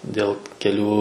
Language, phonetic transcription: Lithuanian, ˈdėl keˈlių

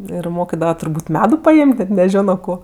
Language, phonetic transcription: Lithuanian, ir ˈmokidava turˈbūt' ˈmedu paˈėm't' net neˈžiono ˈko

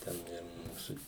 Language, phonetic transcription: Lithuanian, ˈten ˈir ˈmūsu

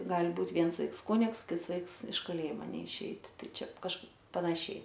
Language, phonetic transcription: Lithuanian, ˈgal' ˈbūt' ˈviens ˈvaiks ˈkunigs ˈkits ˈvaiks iš kaˈlėjimo neiˈšeitˈ ˈtai ˈčia kaž panaˈšiai

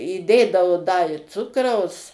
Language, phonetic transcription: Lithuanian, įˈdėdao da i ˈcukraus

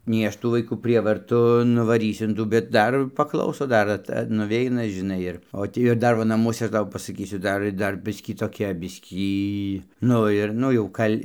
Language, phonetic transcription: Lithuanian, nei ˈaš ˈtų vaiˈkų ˈprievartu nuvaˈrysiu in ˈtų bet ˈdar paˈklauso ˈdar at nuˈveina žiˈnai ir o ˈtį ir ˈdar ˈva naˈmuose ˈaš ˈtau pasaˈkysiu ˈdar ir ˈdar ˈbiskį toˈkia ˈbiskį ˈnu ir ˈnu jau ˈkal'

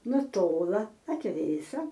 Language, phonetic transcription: Lithuanian, nuˈtola atˈvėsa

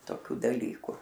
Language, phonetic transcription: Lithuanian, toˈkių daˈlyku

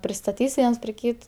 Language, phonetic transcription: Lithuanian, pristaˈtys ˈviens pri ˈkyt

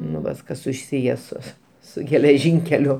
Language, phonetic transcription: Lithuanian, nu ˈvas ˈkas suˈsyje su su geleˈžynkeliu

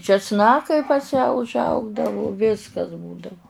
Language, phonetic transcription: Lithuanian, česˈnakai pas ją užˈaugdavu ˈviskas ˈbūdavu

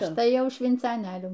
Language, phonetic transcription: Lithuanian, ˈaš ˈtai ˈjau švincaˈnėlių

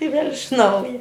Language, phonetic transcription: Lithuanian, i vėl' iš ˈnauja

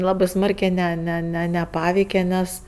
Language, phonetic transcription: Lithuanian, ˈlabɜ ˈsmarkė ˈne ne ˈne neˈpaveike ˈnes

